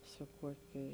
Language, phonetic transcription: Lithuanian, su ˈkuokė

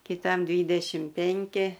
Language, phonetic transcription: Lithuanian, kiˈtam ˈdvydešim ˈpenki

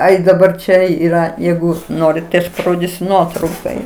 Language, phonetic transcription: Lithuanian, ˈai daˈbar ˈčia ˈyra ˈjeigu ˈnorit tai aš paˈrodysiu ˈnuotraukoj

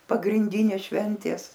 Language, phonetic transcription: Lithuanian, pagrinˈdynės ˈšventės

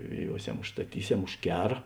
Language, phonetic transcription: Lithuanian, žveˈjuosem užstaˈtyˌsem už ˈkera

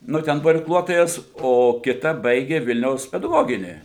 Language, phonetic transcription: Lithuanian, ˈnu ˈten ˈbuo irkˈluotojas o kiˈta ˈbaigė ˈvilniaus pedaˈgoginį

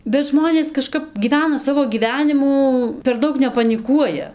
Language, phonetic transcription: Lithuanian, bet ˈžmonės kaˈžkap gyˈvena ˈsavo gyˈvenimų per ˈdaug nepaniˈkuoja

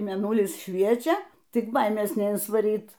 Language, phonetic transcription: Lithuanian, mėˈnulis ˈšviečia ˈtik ˈbaimės neinsvaˈryt

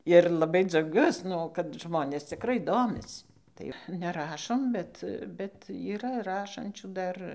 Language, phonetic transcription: Lithuanian, ir laˈbai dzauˈgiuos ˈnu kad ˈžmonės cikˈrai ˈdomis tai ˈva neˈrašom ˈbet bet yˈra ˈrašančių ˈdar

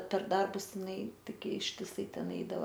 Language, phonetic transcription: Lithuanian, per ˈdarbus jiˈnai ˈtigi ištiˈsai ˈten ˈeidava

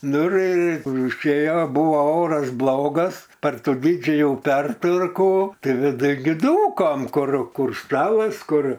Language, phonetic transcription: Lithuanian, ˈnu ir užˈėjo ˈbuvo ˈoras ˈblogas par ˈtų ˈdidžiajų ˈpertvarkų ˈtai viˈduj gi ˈdūkom ˈkur ˈkur ˈstalas ˈkur

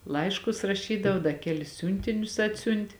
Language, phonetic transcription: Lithuanian, ˈlaiškus raˈšydavo ˈda ˈkelis ˈsiūntinius ˈatsiunt'

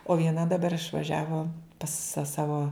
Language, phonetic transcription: Lithuanian, o vieˈna daˈbar išvaˈžiavo pas sa ˈsavo

